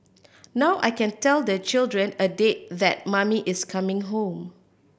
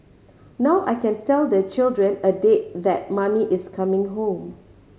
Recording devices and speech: boundary microphone (BM630), mobile phone (Samsung C5010), read sentence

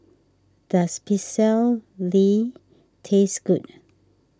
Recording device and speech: standing microphone (AKG C214), read sentence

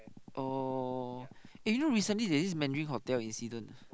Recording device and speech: close-talking microphone, conversation in the same room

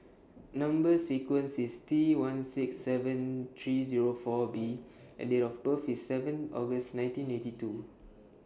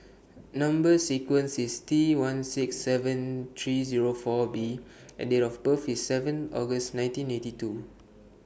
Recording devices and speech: standing microphone (AKG C214), boundary microphone (BM630), read sentence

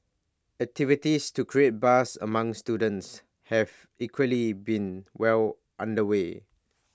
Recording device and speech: standing microphone (AKG C214), read sentence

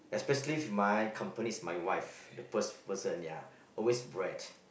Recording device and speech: boundary microphone, conversation in the same room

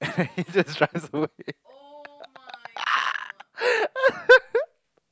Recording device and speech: close-talking microphone, conversation in the same room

